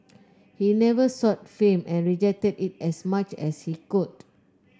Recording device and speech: close-talking microphone (WH30), read sentence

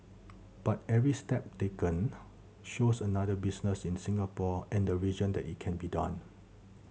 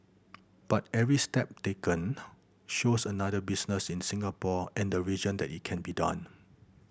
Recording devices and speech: mobile phone (Samsung C7100), boundary microphone (BM630), read sentence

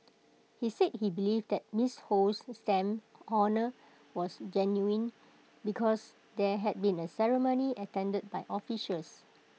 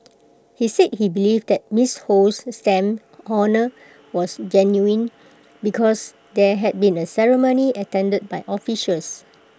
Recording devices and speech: mobile phone (iPhone 6), close-talking microphone (WH20), read sentence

